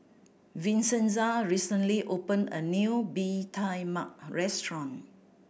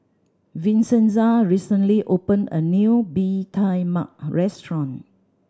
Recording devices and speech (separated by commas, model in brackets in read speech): boundary microphone (BM630), standing microphone (AKG C214), read sentence